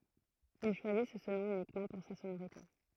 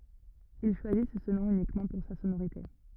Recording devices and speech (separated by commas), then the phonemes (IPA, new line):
throat microphone, rigid in-ear microphone, read sentence
il ʃwazis sə nɔ̃ ynikmɑ̃ puʁ sa sonoʁite